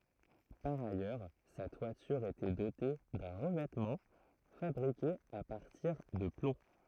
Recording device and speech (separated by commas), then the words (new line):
throat microphone, read sentence
Par ailleurs, sa toiture était dotée d'un revêtement fabriqué à partir de plomb.